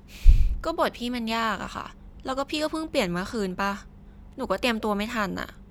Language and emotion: Thai, frustrated